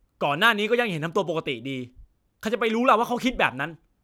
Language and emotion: Thai, angry